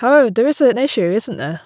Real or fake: real